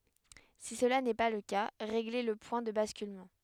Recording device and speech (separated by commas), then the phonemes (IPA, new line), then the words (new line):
headset microphone, read sentence
si səla nɛ pa lə ka ʁeɡle lə pwɛ̃ də baskylmɑ̃
Si cela n'est pas le cas régler le point de basculement.